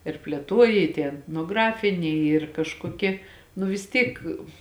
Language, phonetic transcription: Lithuanian, ir plėˈtuoja i tie etnoˈgrafiniai ˈyr kažkoˈkie nu vis ˈtyk

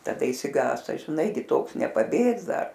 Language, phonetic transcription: Lithuanian, taˈda išsiˈgąsta žiˈnai gi ˈtoks nepaˈbėgs ˈdar

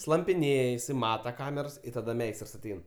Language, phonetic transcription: Lithuanian, slampiˈnėj iˈsai ˈmata ˈkamers taˈda ˈmeistrs aˈtein

